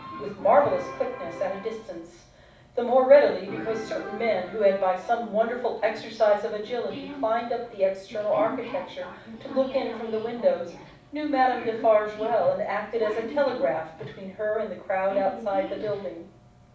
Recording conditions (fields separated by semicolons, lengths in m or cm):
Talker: one person; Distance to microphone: 5.8 m; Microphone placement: far; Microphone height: 1.8 m; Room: medium-sized (5.7 m by 4.0 m); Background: television